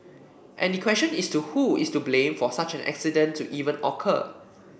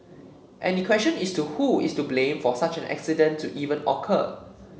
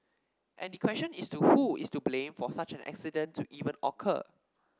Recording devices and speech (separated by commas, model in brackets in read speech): boundary microphone (BM630), mobile phone (Samsung C7), standing microphone (AKG C214), read sentence